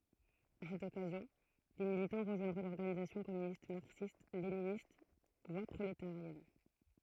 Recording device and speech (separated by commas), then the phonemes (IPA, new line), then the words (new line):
throat microphone, read sentence
a sɛt ɔkazjɔ̃ de militɑ̃ ʁəʒwɛ̃dʁɔ̃ lɔʁɡanizasjɔ̃ kɔmynist maʁksistleninist vwa pʁoletaʁjɛn
À cette occasion, des militants rejoindront l'Organisation communiste marxiste-léniniste – Voie prolétarienne.